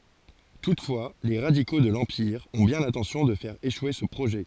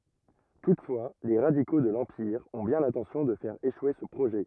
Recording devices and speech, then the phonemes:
forehead accelerometer, rigid in-ear microphone, read sentence
tutfwa le ʁadiko də lɑ̃piʁ ɔ̃ bjɛ̃ lɛ̃tɑ̃sjɔ̃ də fɛʁ eʃwe sə pʁoʒɛ

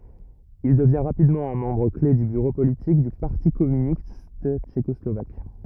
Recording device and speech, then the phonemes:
rigid in-ear microphone, read sentence
il dəvjɛ̃ ʁapidmɑ̃ œ̃ mɑ̃bʁ kle dy byʁo politik dy paʁti kɔmynist tʃekɔslovak

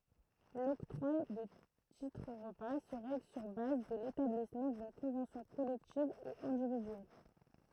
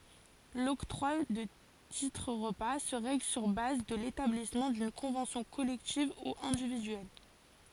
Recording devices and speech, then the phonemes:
throat microphone, forehead accelerometer, read sentence
lɔktʁwa də titʁ ʁəpa sə ʁɛɡl syʁ baz də letablismɑ̃ dyn kɔ̃vɑ̃sjɔ̃ kɔlɛktiv u ɛ̃dividyɛl

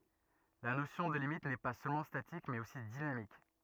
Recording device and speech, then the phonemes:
rigid in-ear microphone, read sentence
la nosjɔ̃ də limit nɛ pa sølmɑ̃ statik mɛz osi dinamik

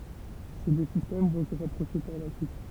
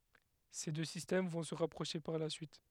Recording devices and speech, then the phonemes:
temple vibration pickup, headset microphone, read sentence
se dø sistɛm vɔ̃ sə ʁapʁoʃe paʁ la syit

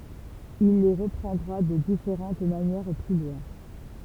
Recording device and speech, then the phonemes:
temple vibration pickup, read sentence
il le ʁəpʁɑ̃dʁa də difeʁɑ̃t manjɛʁ ply lwɛ̃

